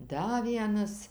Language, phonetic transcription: Lithuanian, ˈda ˈvienas

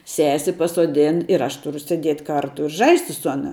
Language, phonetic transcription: Lithuanian, ˈsesi pasuoˈdin ir ˈaš tuˈru sėˈdiet' ˈkartu i ˈžaisti su ˈana

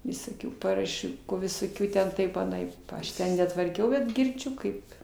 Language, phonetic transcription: Lithuanian, visoˈkių paraˈšių visoˈkių ten ˈtaip aˈnaip pa ˈaš ˈten netvarˈkiau bet girˈdžiu kaip

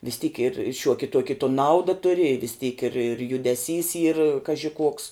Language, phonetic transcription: Lithuanian, vis tyk ir ˈšiuoki ˈtuoki to ˈnauda ˈturi i vis tyk ir ir judeˈsys yr ˈkaži ˈkuoks

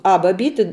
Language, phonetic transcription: Lithuanian, ˈa baˈbyti

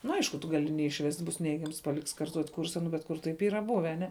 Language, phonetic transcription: Lithuanian, nu ˈaišku tu ˈgali neišˈvest' bus ˈneigiams paˈliks karˈtuot' ˈkursa ˈnu bet ˈkur taip ˈyra ˈbuve aˈne

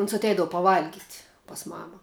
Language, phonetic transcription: Lithuanian, uns atˈeidavu paˈvalgit' pas ˈmama

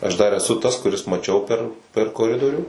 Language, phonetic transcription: Lithuanian, ˈaš ˈdar eˈsu ˈtas kuˈris maˈčiau per per koˈridorių

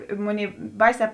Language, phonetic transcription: Lithuanian, i ˈmunėi ˈbaisē

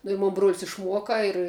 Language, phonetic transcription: Lithuanian, nu i ˈmon bruol's' išˈmuoka ir

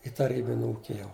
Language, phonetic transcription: Lithuanian, i taˈrybin' ˈūki jau

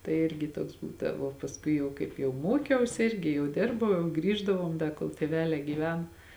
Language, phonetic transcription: Lithuanian, tai ˈirgi ˈtuoks ˈbūdavo pasˈkui jau kaip jau ˈmokiausi ˈirgi jau ˈdirbau jau ˈgrįždavom ˈda kol tėˈvelē gyˈven

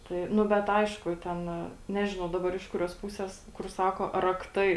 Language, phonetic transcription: Lithuanian, ˈtai ˈnu ˈbet ˈaišku ˈten ˈnežinau ˈdabar iš ˈkuriuos ˈpusės kur ˈsako rakˈtai

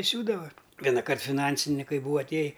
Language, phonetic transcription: Lithuanian, i ˈsiūdava vienaˈkart fiˈnansinikai ˈbūa atˈėji

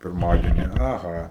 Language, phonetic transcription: Lithuanian, pirˈmadieni aˈha

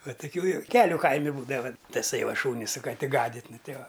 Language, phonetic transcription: Lithuanian, ˈva tuˈkių joˈkeliu ˈkaimi ˈbūdava taˈsai ˈva ˈšūni su kaˈti ˈgadit' ˈnu ˈtei ˈva

